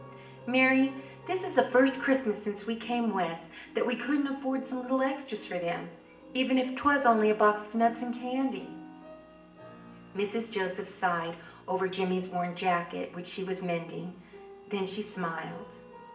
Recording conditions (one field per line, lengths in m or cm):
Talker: one person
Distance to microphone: 1.8 m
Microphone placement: close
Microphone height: 1.0 m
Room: large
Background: music